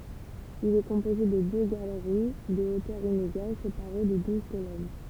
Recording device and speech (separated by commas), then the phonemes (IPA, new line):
temple vibration pickup, read sentence
il ɛ kɔ̃poze də dø ɡaləʁi də otœʁ ineɡal sepaʁe də duz kolɔn